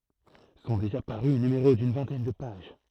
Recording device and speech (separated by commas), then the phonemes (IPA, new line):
throat microphone, read sentence
sɔ̃ deʒa paʁy nymeʁo dyn vɛ̃tɛn də paʒ